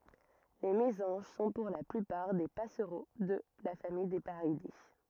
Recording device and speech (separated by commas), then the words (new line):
rigid in-ear microphone, read sentence
Les mésanges sont pour la plupart des passereaux de la famille des Paridés.